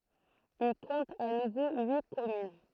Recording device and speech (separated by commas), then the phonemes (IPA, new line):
throat microphone, read sentence
il kɔ̃t a nuvo yi kɔmyn